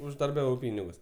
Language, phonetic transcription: Lithuanian, uždarˈbiavau ˈpynigus

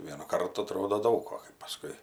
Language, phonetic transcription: Lithuanian, ˈvienu ˈkartu aˈtrodo ˈdaug o kai paˈskui

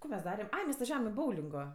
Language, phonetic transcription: Lithuanian, ko mes ˈdarem ˈai mes vaˈžiavam i ˈboulingo

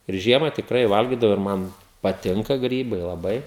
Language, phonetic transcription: Lithuanian, ir ˈžiema tikˈrai ˈvalgidavo ir ˈman paˈtinka ˈgrybai laˈbai

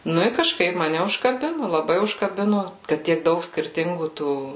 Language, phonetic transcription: Lithuanian, ˈnu i kažˈkaip maˈne užkaˈbinu laˈbai užkaˈbinu ˈkad tiek ˈdaug skirˈtingų ˈtų

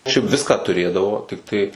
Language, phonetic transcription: Lithuanian, šiaip ˈviską tuˈrėdavo tikˈtai

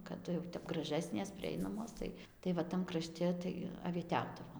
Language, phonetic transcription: Lithuanian, kaˈdu jau ˈtep graˈžesnės priˈeinamos ˈtai tai va ˈtam kraˈšte tai avieˈtiaudavom

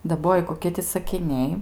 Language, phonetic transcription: Lithuanian, daˈboji koˈkie ti sakiˈniai

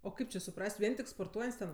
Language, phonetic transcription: Lithuanian, o ˈkaip či suˈpras't' ˈvien tik sporˈtuojant's' ten

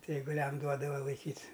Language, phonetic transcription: Lithuanian, ˈtai eiguˈliam ˈduodava laiˈkyt'

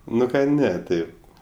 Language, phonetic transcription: Lithuanian, ˈnu ka ˈne ˈtaip

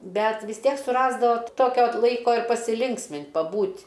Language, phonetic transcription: Lithuanian, ˈbet vis ˈtiek suˈrasdavo ˈtokio ˈlaiko ir pasiˈlinksmint' paˈbūt'

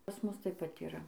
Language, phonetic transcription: Lithuanian, pas ˈmus ˈtaip pat iˈra

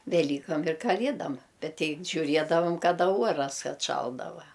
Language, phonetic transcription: Lithuanian, veˈlykam ir kaˈliedam ˈbet ˈtei žiuˈriedavam kaˈda ˈuoras atˈšaldava

